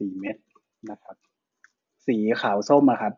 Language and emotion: Thai, neutral